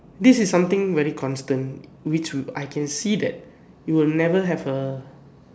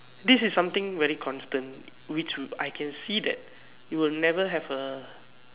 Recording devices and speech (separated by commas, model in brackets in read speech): standing microphone, telephone, conversation in separate rooms